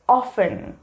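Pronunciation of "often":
'Often' is pronounced correctly here.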